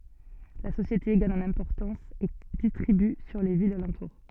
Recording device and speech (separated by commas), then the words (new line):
soft in-ear microphone, read sentence
La société gagne en importance et distribue sur les villes alentour.